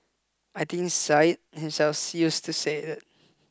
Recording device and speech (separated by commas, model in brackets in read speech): close-talking microphone (WH20), read sentence